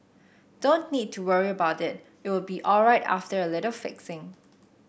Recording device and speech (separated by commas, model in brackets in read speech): boundary microphone (BM630), read sentence